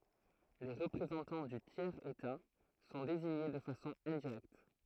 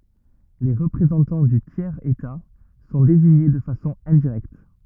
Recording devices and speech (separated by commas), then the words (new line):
throat microphone, rigid in-ear microphone, read sentence
Les représentants du tiers état sont désignés de façon indirecte.